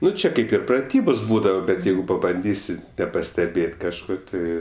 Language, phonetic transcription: Lithuanian, ˈnu ˈčia ˈkaip ir praˈtybos ˈbūdava bet ˈjeigu pabanˈdysi nepasteˈbėt' kažˈko ˈti

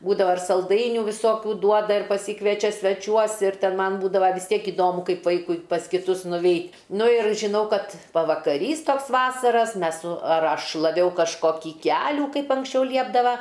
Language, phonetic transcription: Lithuanian, ˈbūdava ar salˈdainių viˈsokių ˈduoda ir paˈsykviečia sveˈčiuos ir ˈten ˈman ˈbūdava vis ˈtiek iˈdomu ˈkaip ˈvaikui pas kiˈtus nuˈveit' ˈnu ir žiˈnau ˈkad pavakaˈrys ˈtoks ˈvasaras ˈmes su ar ˈaš šlaˈviau kažˈkokį ˈkelių ˈkaip anksˈčiau ˈliepdava

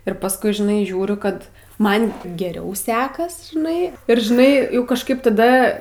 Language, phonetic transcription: Lithuanian, ir pasˈkui žiˈnai ˈžiūriu ˈkad ˈman geˈriau ˈsekas žiˈnai ir žiˈnai kažˈkaip taˈda

